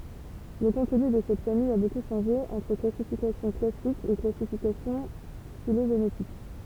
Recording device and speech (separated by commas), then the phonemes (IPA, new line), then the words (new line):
temple vibration pickup, read sentence
lə kɔ̃tny də sɛt famij a boku ʃɑ̃ʒe ɑ̃tʁ klasifikasjɔ̃ klasik e klasifikasjɔ̃ filoʒenetik
Le contenu de cette famille a beaucoup changé entre classification classique et classification phylogénétique.